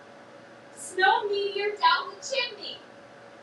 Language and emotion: English, sad